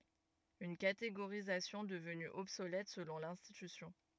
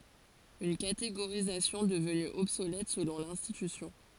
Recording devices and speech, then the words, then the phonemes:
rigid in-ear microphone, forehead accelerometer, read sentence
Une catégorisation devenue obsolète selon l'institution.
yn kateɡoʁizasjɔ̃ dəvny ɔbsolɛt səlɔ̃ lɛ̃stitysjɔ̃

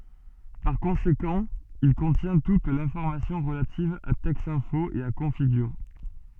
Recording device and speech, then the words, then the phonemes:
soft in-ear microphone, read sentence
Par conséquent, il contient toute l’information relative à Texinfo et à Configure.
paʁ kɔ̃sekɑ̃ il kɔ̃tjɛ̃ tut lɛ̃fɔʁmasjɔ̃ ʁəlativ a tɛksɛ̃fo e a kɔ̃fiɡyʁ

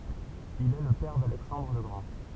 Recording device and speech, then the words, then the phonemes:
temple vibration pickup, read sentence
Il est le père d'Alexandre le Grand.
il ɛ lə pɛʁ dalɛksɑ̃dʁ lə ɡʁɑ̃

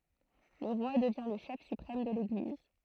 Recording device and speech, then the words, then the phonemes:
throat microphone, read sentence
Le roi devient le chef suprême de l'Église.
lə ʁwa dəvjɛ̃ lə ʃɛf sypʁɛm də leɡliz

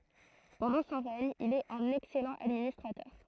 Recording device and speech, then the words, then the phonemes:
throat microphone, read sentence
Pendant son règne, il est un excellent administrateur.
pɑ̃dɑ̃ sɔ̃ ʁɛɲ il ɛt œ̃n ɛksɛlɑ̃ administʁatœʁ

